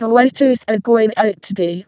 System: VC, vocoder